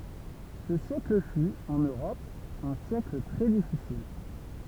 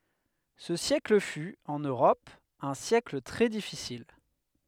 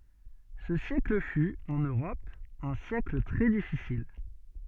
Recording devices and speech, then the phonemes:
temple vibration pickup, headset microphone, soft in-ear microphone, read sentence
sə sjɛkl fy ɑ̃n øʁɔp œ̃ sjɛkl tʁɛ difisil

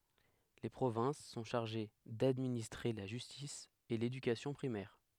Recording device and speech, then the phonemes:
headset microphone, read sentence
le pʁovɛ̃s sɔ̃ ʃaʁʒe dadministʁe la ʒystis e ledykasjɔ̃ pʁimɛʁ

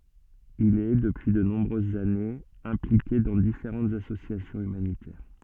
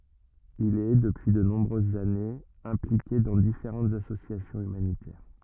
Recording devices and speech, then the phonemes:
soft in-ear microphone, rigid in-ear microphone, read sentence
il ɛ dəpyi də nɔ̃bʁøzz anez ɛ̃plike dɑ̃ difeʁɑ̃tz asosjasjɔ̃z ymanitɛʁ

